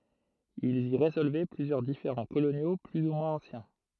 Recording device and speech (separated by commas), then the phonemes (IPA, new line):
throat microphone, read sentence
ilz i ʁezɔlvɛ plyzjœʁ difeʁɑ̃ kolonjo ply u mwɛ̃z ɑ̃sjɛ̃